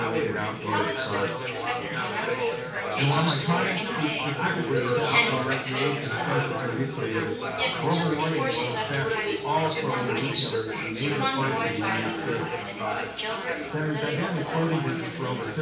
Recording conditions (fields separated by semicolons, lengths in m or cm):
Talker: one person; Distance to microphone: 9.8 m; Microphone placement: far; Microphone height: 1.8 m; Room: large; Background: babble